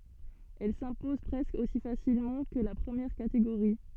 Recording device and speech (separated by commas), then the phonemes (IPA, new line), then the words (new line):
soft in-ear microphone, read sentence
ɛl sɛ̃pɔz pʁɛskə osi fasilmɑ̃ kə la pʁəmjɛʁ kateɡoʁi
Elle s'impose presque aussi facilement que la première catégorie.